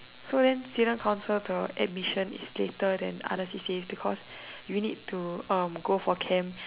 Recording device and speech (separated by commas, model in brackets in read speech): telephone, conversation in separate rooms